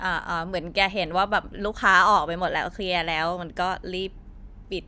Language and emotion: Thai, frustrated